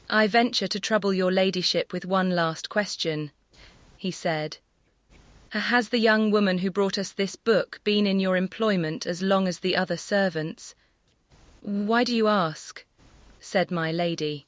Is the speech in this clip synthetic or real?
synthetic